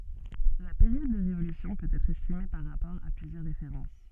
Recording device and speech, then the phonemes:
soft in-ear microphone, read sentence
la peʁjɔd də ʁevolysjɔ̃ pøt ɛtʁ ɛstime paʁ ʁapɔʁ a plyzjœʁ ʁefeʁɑ̃s

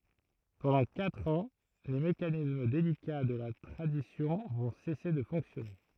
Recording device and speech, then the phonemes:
throat microphone, read sentence
pɑ̃dɑ̃ katʁ ɑ̃ le mekanism delika də la tʁadisjɔ̃ vɔ̃ sɛse də fɔ̃ksjɔne

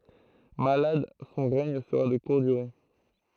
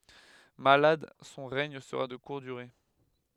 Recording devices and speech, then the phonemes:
throat microphone, headset microphone, read sentence
malad sɔ̃ ʁɛɲ səʁa də kuʁt dyʁe

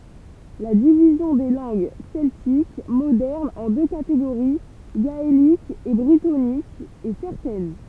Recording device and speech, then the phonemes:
temple vibration pickup, read sentence
la divizjɔ̃ de lɑ̃ɡ sɛltik modɛʁnz ɑ̃ dø kateɡoʁi ɡaelik e bʁitonik ɛ sɛʁtɛn

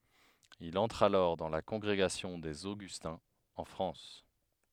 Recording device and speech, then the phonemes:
headset microphone, read sentence
il ɑ̃tʁ alɔʁ dɑ̃ la kɔ̃ɡʁeɡasjɔ̃ dez oɡystɛ̃z ɑ̃ fʁɑ̃s

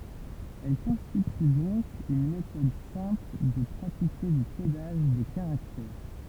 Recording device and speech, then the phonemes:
temple vibration pickup, read sentence
ɛl kɔ̃stity dɔ̃k yn metɔd sɛ̃pl də pʁatike dy kodaʒ de kaʁaktɛʁ

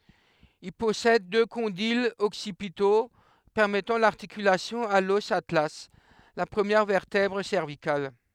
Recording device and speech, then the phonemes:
headset microphone, read sentence
il pɔsɛd dø kɔ̃dilz ɔksipito pɛʁmɛtɑ̃ laʁtikylasjɔ̃ a lɔs atla la pʁəmjɛʁ vɛʁtɛbʁ sɛʁvikal

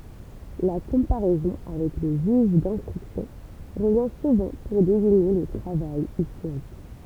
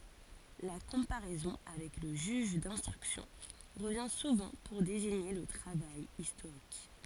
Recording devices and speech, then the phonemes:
temple vibration pickup, forehead accelerometer, read sentence
la kɔ̃paʁɛzɔ̃ avɛk lə ʒyʒ dɛ̃stʁyksjɔ̃ ʁəvjɛ̃ suvɑ̃ puʁ deziɲe lə tʁavaj istoʁik

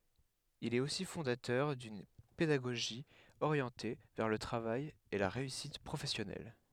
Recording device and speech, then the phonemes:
headset microphone, read sentence
il ɛt osi fɔ̃datœʁ dyn pedaɡoʒi oʁjɑ̃te vɛʁ lə tʁavaj e la ʁeysit pʁofɛsjɔnɛl

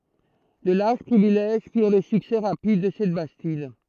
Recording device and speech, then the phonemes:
throat microphone, read sentence
də laʁʒ pʁivilɛʒ fiʁ lə syksɛ ʁapid də sɛt bastid

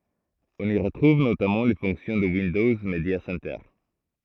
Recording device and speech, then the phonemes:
throat microphone, read sentence
ɔ̃n i ʁətʁuv notamɑ̃ le fɔ̃ksjɔ̃ də windɔz medja sɛntœʁ

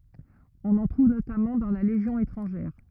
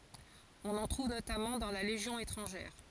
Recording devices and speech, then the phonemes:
rigid in-ear microphone, forehead accelerometer, read sentence
ɔ̃n ɑ̃ tʁuv notamɑ̃ dɑ̃ la leʒjɔ̃ etʁɑ̃ʒɛʁ

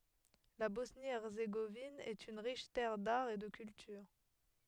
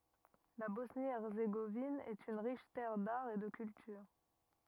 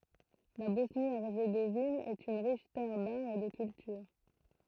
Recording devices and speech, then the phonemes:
headset microphone, rigid in-ear microphone, throat microphone, read sentence
la bɔsnjəɛʁzeɡovin ɛt yn ʁiʃ tɛʁ daʁ e də kyltyʁ

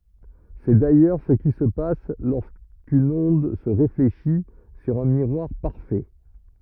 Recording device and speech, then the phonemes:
rigid in-ear microphone, read sentence
sɛ dajœʁ sə ki sə pas loʁskyn ɔ̃d sə ʁefleʃi syʁ œ̃ miʁwaʁ paʁfɛ

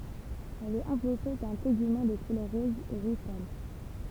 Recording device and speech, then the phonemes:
temple vibration pickup, read sentence
ɛl ɛt ɑ̃vlɔpe dœ̃ teɡymɑ̃ də kulœʁ ʁɔz u ʁuʒ pal

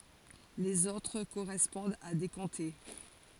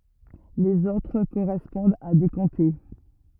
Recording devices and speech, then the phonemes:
forehead accelerometer, rigid in-ear microphone, read sentence
lez otʁ koʁɛspɔ̃dt a de kɔ̃te

